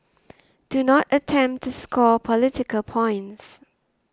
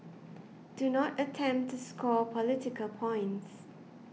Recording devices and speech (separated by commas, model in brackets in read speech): standing microphone (AKG C214), mobile phone (iPhone 6), read sentence